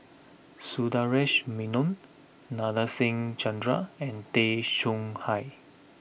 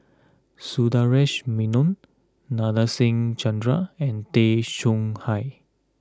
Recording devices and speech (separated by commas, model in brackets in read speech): boundary microphone (BM630), close-talking microphone (WH20), read sentence